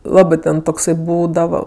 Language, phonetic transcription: Lithuanian, ˈlabɜ ten tokˈsai ˈbūdava

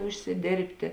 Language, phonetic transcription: Lithuanian, užsiˈdėrbtė

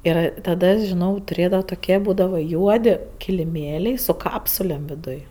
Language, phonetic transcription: Lithuanian, ir ˈtada žiˈnau tuˈrėdavo toˈkie ˈbūdavo ˈjuodi kiliˈmėliai su ˈkapsulėm viˈduj

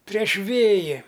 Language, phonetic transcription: Lithuanian, prieš ˈvėji

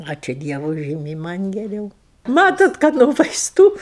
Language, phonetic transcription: Lithuanian, ˈačiū ˈdievu ˈžymiai ˈman' geˈriau ˈmatot kad no vaisˈtų

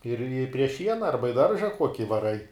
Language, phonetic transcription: Lithuanian, ir i prie ˈšiena arba i ˈdarža ˈkuoki vaˈrai

